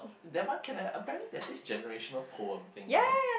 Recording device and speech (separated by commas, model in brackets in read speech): boundary microphone, conversation in the same room